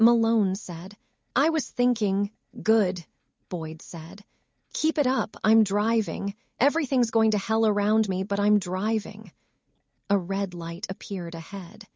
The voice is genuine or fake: fake